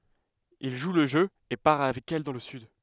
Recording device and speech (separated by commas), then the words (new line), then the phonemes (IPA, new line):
headset microphone, read sentence
Il joue le jeu et part avec elle dans le sud.
il ʒu lə ʒø e paʁ avɛk ɛl dɑ̃ lə syd